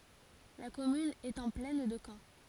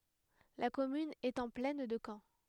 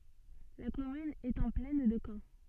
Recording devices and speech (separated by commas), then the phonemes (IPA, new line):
forehead accelerometer, headset microphone, soft in-ear microphone, read sentence
la kɔmyn ɛt ɑ̃ plɛn də kɑ̃